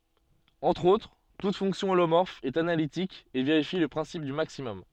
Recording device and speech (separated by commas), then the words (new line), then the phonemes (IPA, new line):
soft in-ear microphone, read sentence
Entre autres, toute fonction holomorphe est analytique et vérifie le principe du maximum.
ɑ̃tʁ otʁ tut fɔ̃ksjɔ̃ olomɔʁf ɛt analitik e veʁifi lə pʁɛ̃sip dy maksimɔm